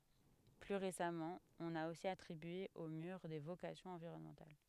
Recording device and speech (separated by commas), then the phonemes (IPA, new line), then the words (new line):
headset microphone, read sentence
ply ʁesamɑ̃ ɔ̃n a osi atʁibye o myʁ de vokasjɔ̃z ɑ̃viʁɔnmɑ̃tal
Plus récemment, on a aussi attribué au mur des vocations environnementales.